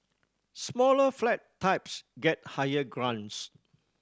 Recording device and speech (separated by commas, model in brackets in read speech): standing microphone (AKG C214), read sentence